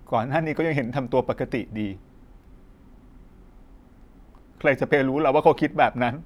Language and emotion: Thai, sad